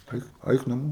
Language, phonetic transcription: Lithuanian, ˈaik ˈaik naˈmo

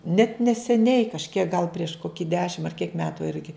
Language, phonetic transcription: Lithuanian, net neseˈniai kažˈkiek gal prieš ˈkoki ˈdešim ar kiek ˈmetu ˈirgi

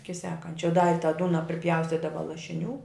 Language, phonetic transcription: Lithuanian, ˈiki ˈsekančia da i tą ˈdūna priˈpjaustydava lašiˈnių

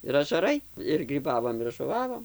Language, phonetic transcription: Lithuanian, ir ažaˈrai ir gryˈbavom ir žuˈvavom

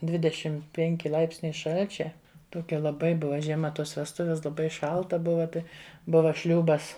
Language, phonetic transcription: Lithuanian, ˈdvidešim ˈpenki ˈlaipsniai ˈšal'čia toˈkia laˈbai ˈbuva žieˈma ˈtos vesˈtuves laˈbai ˈšalta ˈbuva ˈtai ˈbuva ˈšliūbas

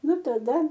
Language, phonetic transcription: Lithuanian, ˈnu taˈda

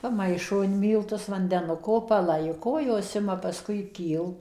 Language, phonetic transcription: Lithuanian, paˈmaišo in ˈmyltus vandeˈnuko paˈlaiko ˈjos ˈima pasˈkui ˈkylt

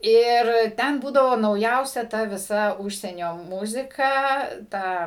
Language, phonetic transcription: Lithuanian, ir ˈten ˈbūdavo nauˈjausia ˈta viˈsa ˈužsienio ˈmuzika ˈta

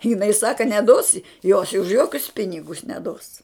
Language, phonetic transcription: Lithuanian, jiˈnai ˈsaka neˈdos i jos už ˈjokius ˈpinigus neˈdos

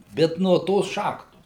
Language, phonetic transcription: Lithuanian, ˈbet nuo ˈtos ˈšachtos

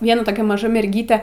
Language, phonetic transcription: Lithuanian, ˈviena toˈkia maˈža merˈgyte

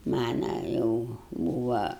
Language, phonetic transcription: Lithuanian, ˈmana jau ˈbūva

